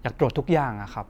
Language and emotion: Thai, neutral